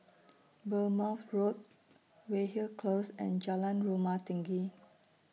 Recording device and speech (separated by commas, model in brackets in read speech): mobile phone (iPhone 6), read sentence